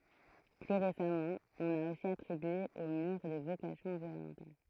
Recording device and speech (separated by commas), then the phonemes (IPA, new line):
throat microphone, read sentence
ply ʁesamɑ̃ ɔ̃n a osi atʁibye o myʁ de vokasjɔ̃z ɑ̃viʁɔnmɑ̃tal